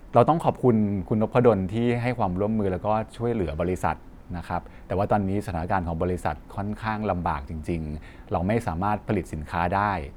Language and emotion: Thai, neutral